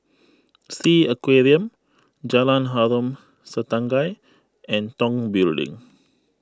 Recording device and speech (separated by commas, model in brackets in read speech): close-talking microphone (WH20), read sentence